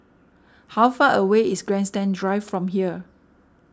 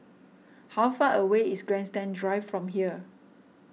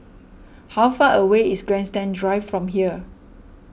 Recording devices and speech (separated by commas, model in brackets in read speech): standing microphone (AKG C214), mobile phone (iPhone 6), boundary microphone (BM630), read sentence